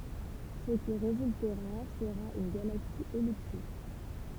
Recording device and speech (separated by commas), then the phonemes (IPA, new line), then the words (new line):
temple vibration pickup, read sentence
sə ki ʁezyltəʁa səʁa yn ɡalaksi ɛliptik
Ce qui résultera sera une galaxie elliptique.